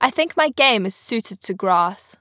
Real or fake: real